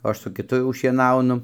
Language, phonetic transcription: Lithuanian, o ˈaš ˈsu kiˈtu jau šieˈnaunu

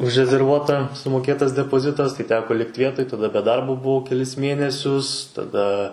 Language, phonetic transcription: Lithuanian, užrezerˈvuota sumoˈkėtas depoˈzitas tai ˈteko ˈlikt' ˈvietoj taˈda be ˈdarbo buˈvau keˈlis ˈmėnesius taˈda

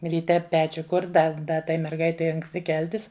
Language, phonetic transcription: Lithuanian, ryˈte ˈpečiu ˈkurt ˈda da ˈtai merˈgaitei anksˈti ˈkeltis

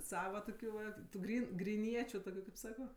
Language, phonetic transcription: Lithuanian, ˈsava toˈkių vat tu ˈgryn griˈniečiu ˈtokiu kaip ˈsako

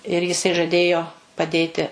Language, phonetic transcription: Lithuanian, ir jiˈsai žaˈdėjo paˈdėti

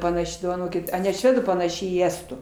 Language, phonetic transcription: Lithuanian, paˈnaši dovaˈnokit a ne ˈšvedų panaˈši į ˈestų

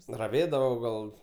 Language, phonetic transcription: Lithuanian, raˈvėdavo gal

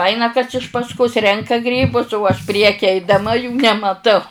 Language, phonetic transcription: Lithuanian, ˈaina kas iš pasˈkus ˈrenka ˈgrybus o aš ˈprieki eidaˈma jų nemaˈtau

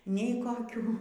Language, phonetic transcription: Lithuanian, nei koˈkių

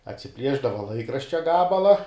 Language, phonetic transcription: Lithuanian, atsiˈpliešdava ˈlaikraščia ˈgabala

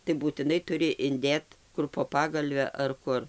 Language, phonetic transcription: Lithuanian, tai būtiˈnai ˈturi inˈdėt ˈkur po ˈpagalve ar ˈkur

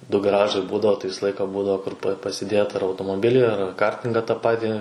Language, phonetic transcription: Lithuanian, du gaˈražai ˈbūdavo tai ˈvisa ˈlaika ˈbūdavo kur pa pasiˈdėt ar automoˈbilį ar ˈkartinga ta ˈpatį

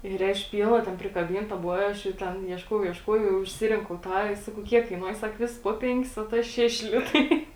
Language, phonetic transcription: Lithuanian, ir ˈeš ˈpylna ten prikaˈbynta ˈbuvo i ˈaš jau ˈten iešˈkuojau iešˈkuojau jau išˈsirinkau ˈtą ir ˈsakau ˈkiek kaiˈnuoja ˈsak ˈvisas po ˈpenkis o ˈta ˈšeši ˈlitai

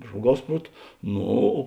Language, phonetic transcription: Lithuanian, ˈžmuoˌgaus ˈpruot ˈno

